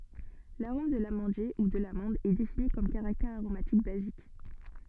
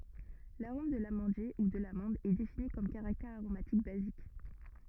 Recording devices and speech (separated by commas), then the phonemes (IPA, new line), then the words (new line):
soft in-ear microphone, rigid in-ear microphone, read sentence
laʁom də lamɑ̃dje u də lamɑ̃d ɛ defini kɔm kaʁaktɛʁ aʁomatik bazik
L'arôme de l'amandier, ou de l'amande, est défini comme caractère aromatique basique.